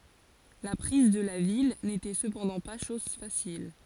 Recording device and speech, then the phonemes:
forehead accelerometer, read sentence
la pʁiz də la vil netɛ səpɑ̃dɑ̃ pa ʃɔz fasil

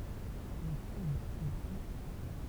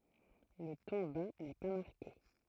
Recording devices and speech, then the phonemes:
temple vibration pickup, throat microphone, read sentence
lə tɔ̃ ba nɛ pa maʁke

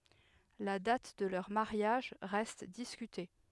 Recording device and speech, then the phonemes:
headset microphone, read sentence
la dat də lœʁ maʁjaʒ ʁɛst diskyte

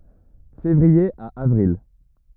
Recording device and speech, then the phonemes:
rigid in-ear microphone, read sentence
fevʁie a avʁil

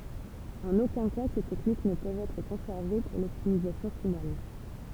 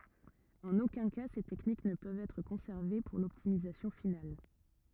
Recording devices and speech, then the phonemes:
temple vibration pickup, rigid in-ear microphone, read sentence
ɑ̃n okœ̃ ka se tɛknik nə pøvt ɛtʁ kɔ̃sɛʁve puʁ lɔptimizasjɔ̃ final

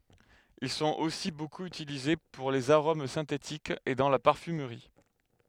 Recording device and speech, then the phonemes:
headset microphone, read sentence
il sɔ̃t osi bokup ytilize puʁ lez aʁom sɛ̃tetikz e dɑ̃ la paʁfymʁi

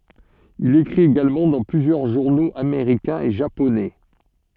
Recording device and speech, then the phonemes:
soft in-ear microphone, read sentence
il ekʁit eɡalmɑ̃ dɑ̃ plyzjœʁ ʒuʁnoz ameʁikɛ̃z e ʒaponɛ

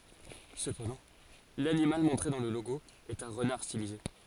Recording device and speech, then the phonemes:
forehead accelerometer, read sentence
səpɑ̃dɑ̃ lanimal mɔ̃tʁe dɑ̃ lə loɡo ɛt œ̃ ʁənaʁ stilize

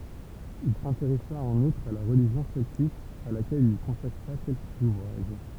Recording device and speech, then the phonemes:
temple vibration pickup, read sentence
il sɛ̃teʁɛsa ɑ̃n utʁ a la ʁəliʒjɔ̃ sɛltik a lakɛl il kɔ̃sakʁa kɛlkəz uvʁaʒ

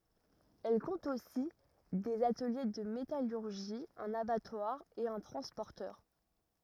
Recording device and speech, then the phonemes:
rigid in-ear microphone, read sentence
ɛl kɔ̃t osi dez atəlje də metalyʁʒi œ̃n abatwaʁ e œ̃ tʁɑ̃spɔʁtœʁ

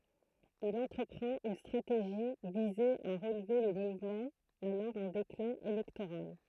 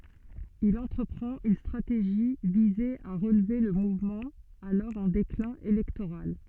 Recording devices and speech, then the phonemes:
throat microphone, soft in-ear microphone, read sentence
il ɑ̃tʁəpʁɑ̃t yn stʁateʒi vize a ʁəlve lə muvmɑ̃ alɔʁ ɑ̃ deklɛ̃ elɛktoʁal

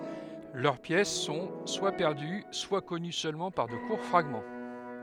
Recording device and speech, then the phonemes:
headset microphone, read sentence
lœʁ pjɛs sɔ̃ swa pɛʁdy swa kɔny sølmɑ̃ paʁ də kuʁ fʁaɡmɑ̃

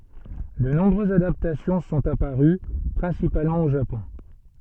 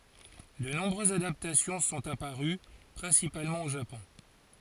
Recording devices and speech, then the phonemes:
soft in-ear microphone, forehead accelerometer, read sentence
də nɔ̃bʁøzz adaptasjɔ̃ sɔ̃t apaʁy pʁɛ̃sipalmɑ̃ o ʒapɔ̃

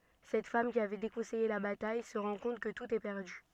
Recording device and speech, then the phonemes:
soft in-ear microphone, read sentence
sɛt fam ki avɛ dekɔ̃sɛje la bataj sə ʁɑ̃ kɔ̃t kə tut ɛ pɛʁdy

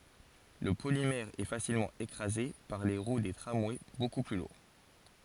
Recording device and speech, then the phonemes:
forehead accelerometer, read sentence
lə polimɛʁ ɛə fasilmɑ̃ ekʁaze paʁ leə ʁwə deə tʁamwɛ boku ply luʁ

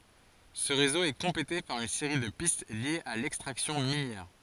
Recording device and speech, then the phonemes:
forehead accelerometer, read sentence
sə ʁezo ɛ kɔ̃plete paʁ yn seʁi də pist ljez a lɛkstʁaksjɔ̃ minjɛʁ

